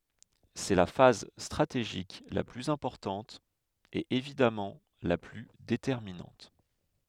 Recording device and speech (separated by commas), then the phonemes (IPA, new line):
headset microphone, read sentence
sɛ la faz stʁateʒik la plyz ɛ̃pɔʁtɑ̃t e evidamɑ̃ la ply detɛʁminɑ̃t